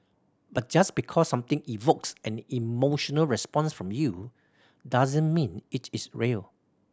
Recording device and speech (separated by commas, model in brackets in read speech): standing microphone (AKG C214), read sentence